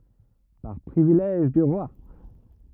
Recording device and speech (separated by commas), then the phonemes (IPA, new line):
rigid in-ear microphone, read sentence
paʁ pʁivilɛʒ dy ʁwa